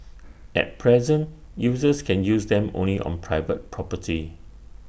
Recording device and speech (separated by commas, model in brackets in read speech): boundary microphone (BM630), read sentence